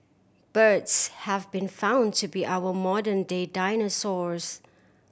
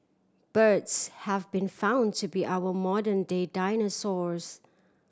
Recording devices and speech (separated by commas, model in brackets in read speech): boundary microphone (BM630), standing microphone (AKG C214), read sentence